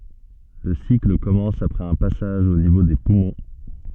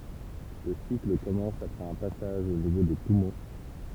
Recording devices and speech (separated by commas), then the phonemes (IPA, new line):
soft in-ear microphone, temple vibration pickup, read sentence
lə sikl kɔmɑ̃s apʁɛz œ̃ pasaʒ o nivo de pumɔ̃